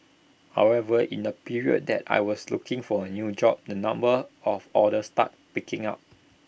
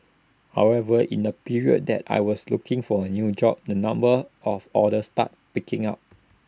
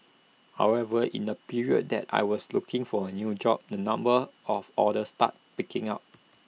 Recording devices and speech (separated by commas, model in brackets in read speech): boundary microphone (BM630), standing microphone (AKG C214), mobile phone (iPhone 6), read sentence